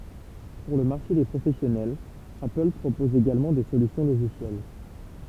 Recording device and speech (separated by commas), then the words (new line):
temple vibration pickup, read sentence
Pour le marché des professionnels, Apple propose également des solutions logicielles.